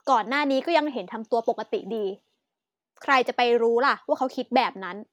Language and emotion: Thai, frustrated